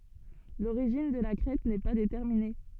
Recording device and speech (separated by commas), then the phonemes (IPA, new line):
soft in-ear microphone, read sentence
loʁiʒin də la kʁɛt nɛ pa detɛʁmine